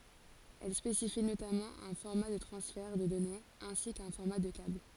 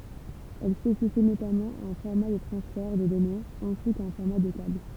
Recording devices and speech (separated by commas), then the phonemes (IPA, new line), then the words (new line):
forehead accelerometer, temple vibration pickup, read sentence
ɛl spesifi notamɑ̃ œ̃ fɔʁma də tʁɑ̃sfɛʁ də dɔnez ɛ̃si kœ̃ fɔʁma də kabl
Elle spécifie notamment un format de transfert de données ainsi qu'un format de câble.